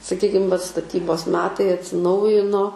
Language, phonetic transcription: Lithuanian, saˈkykim vat staˈtybos ˈmetai atsiˈnaujino

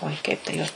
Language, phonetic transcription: Lithuanian, oi kaip ta ˈjos

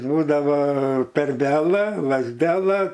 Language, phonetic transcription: Lithuanian, ˈbūdavo terˈbelɜ lazˈdelɜ

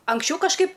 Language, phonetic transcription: Lithuanian, anksˈčiau kažˈkaip

